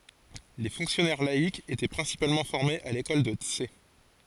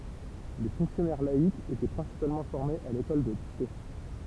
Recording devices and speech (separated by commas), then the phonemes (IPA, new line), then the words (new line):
forehead accelerometer, temple vibration pickup, read sentence
le fɔ̃ksjɔnɛʁ laikz etɛ pʁɛ̃sipalmɑ̃ fɔʁmez a lekɔl də ts
Les fonctionnaires laïcs étaient principalement formés à l'école de Tse.